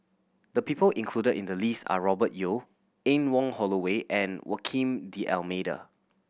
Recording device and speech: boundary microphone (BM630), read sentence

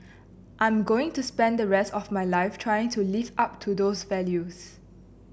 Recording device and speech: boundary microphone (BM630), read sentence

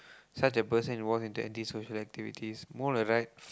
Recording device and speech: close-talking microphone, conversation in the same room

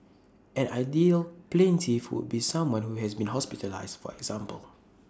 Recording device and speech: standing microphone (AKG C214), read sentence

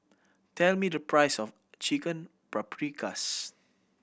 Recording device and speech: boundary microphone (BM630), read sentence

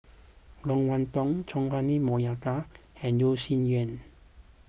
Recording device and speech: boundary microphone (BM630), read sentence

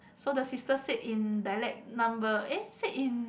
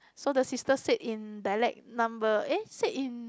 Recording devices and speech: boundary microphone, close-talking microphone, conversation in the same room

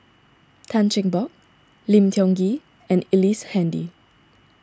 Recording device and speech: standing microphone (AKG C214), read sentence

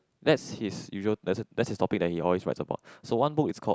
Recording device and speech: close-talking microphone, conversation in the same room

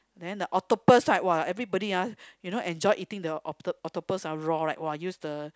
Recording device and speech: close-talking microphone, conversation in the same room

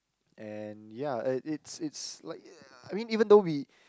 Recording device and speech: close-talking microphone, conversation in the same room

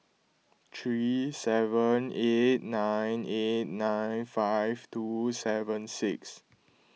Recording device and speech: mobile phone (iPhone 6), read sentence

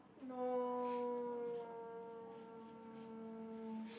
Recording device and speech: boundary microphone, conversation in the same room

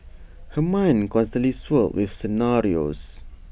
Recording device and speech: boundary microphone (BM630), read sentence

